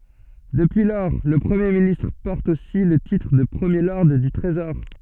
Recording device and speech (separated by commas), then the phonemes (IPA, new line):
soft in-ear microphone, read sentence
dəpyi lɔʁ lə pʁəmje ministʁ pɔʁt osi lə titʁ də pʁəmje lɔʁd dy tʁezɔʁ